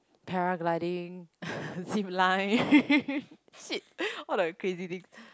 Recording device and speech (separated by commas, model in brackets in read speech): close-talking microphone, conversation in the same room